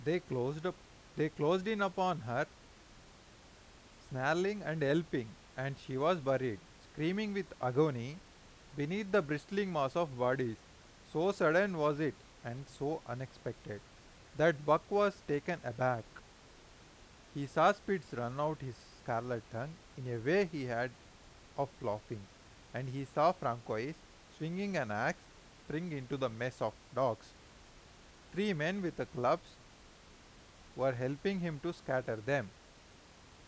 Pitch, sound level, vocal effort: 140 Hz, 90 dB SPL, loud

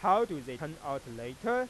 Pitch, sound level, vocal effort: 140 Hz, 99 dB SPL, normal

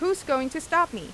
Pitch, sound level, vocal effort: 335 Hz, 91 dB SPL, loud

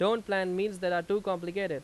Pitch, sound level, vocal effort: 195 Hz, 92 dB SPL, very loud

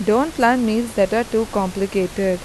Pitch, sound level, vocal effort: 220 Hz, 86 dB SPL, normal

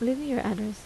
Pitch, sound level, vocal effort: 230 Hz, 76 dB SPL, soft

